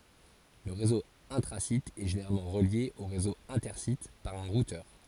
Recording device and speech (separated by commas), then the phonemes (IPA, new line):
forehead accelerometer, read sentence
lə ʁezo ɛ̃tʁazit ɛ ʒeneʁalmɑ̃ ʁəlje o ʁezo ɛ̃tɛʁsit paʁ œ̃ ʁutœʁ